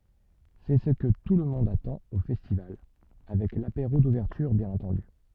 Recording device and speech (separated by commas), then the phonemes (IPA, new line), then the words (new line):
soft in-ear microphone, read sentence
sɛ sə kə tulmɔ̃d atɑ̃t o fɛstival avɛk lapeʁo duvɛʁtyʁ bjɛ̃n ɑ̃tɑ̃dy
C'est ce que tout le monde attend au festival, avec l'apéro d'ouverture bien entendu!